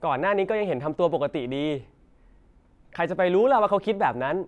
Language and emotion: Thai, frustrated